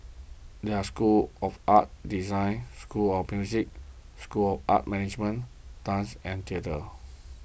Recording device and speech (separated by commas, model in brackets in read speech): boundary microphone (BM630), read sentence